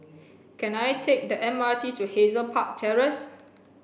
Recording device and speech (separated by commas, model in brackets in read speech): boundary microphone (BM630), read sentence